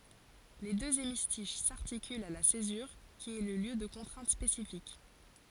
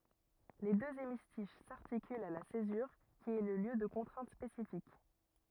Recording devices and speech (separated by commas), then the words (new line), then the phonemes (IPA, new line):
forehead accelerometer, rigid in-ear microphone, read sentence
Les deux hémistiches s'articulent à la césure, qui est le lieu de contraintes spécifiques.
le døz emistiʃ saʁtikylt a la sezyʁ ki ɛ lə ljø də kɔ̃tʁɛ̃t spesifik